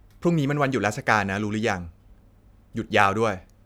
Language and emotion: Thai, frustrated